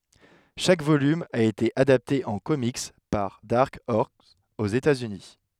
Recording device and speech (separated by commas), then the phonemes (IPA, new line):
headset microphone, read sentence
ʃak volym a ete adapte ɑ̃ komik paʁ daʁk ɔʁs oz etaz yni